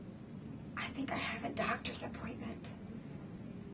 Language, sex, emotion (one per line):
English
female
fearful